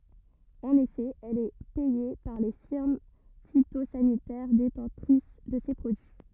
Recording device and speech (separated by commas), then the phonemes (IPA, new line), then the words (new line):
rigid in-ear microphone, read sentence
ɑ̃n efɛ ɛl ɛ pɛje paʁ le fiʁm fitozanitɛʁ detɑ̃tʁis də se pʁodyi
En effet, elle est payée par les firmes phytosanitaires détentrices de ces produits.